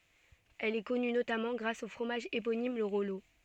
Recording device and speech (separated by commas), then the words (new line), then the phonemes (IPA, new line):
soft in-ear microphone, read sentence
Elle est connue notamment grâce au fromage éponyme, le Rollot.
ɛl ɛ kɔny notamɑ̃ ɡʁas o fʁomaʒ eponim lə ʁɔlo